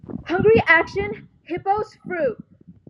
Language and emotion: English, fearful